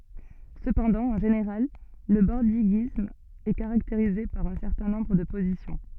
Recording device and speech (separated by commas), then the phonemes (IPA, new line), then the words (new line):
soft in-ear microphone, read sentence
səpɑ̃dɑ̃ ɑ̃ ʒeneʁal lə bɔʁdiɡism ɛ kaʁakteʁize paʁ œ̃ sɛʁtɛ̃ nɔ̃bʁ də pozisjɔ̃
Cependant, en général, le bordiguisme est caractérisé par un certain nombre de positions.